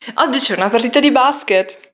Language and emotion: Italian, happy